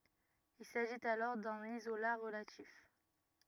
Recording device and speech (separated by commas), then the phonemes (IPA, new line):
rigid in-ear microphone, read sentence
il saʒit alɔʁ dœ̃n izola ʁəlatif